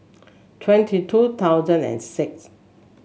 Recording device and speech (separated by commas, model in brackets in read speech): mobile phone (Samsung S8), read sentence